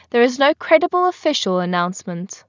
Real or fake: real